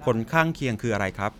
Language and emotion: Thai, neutral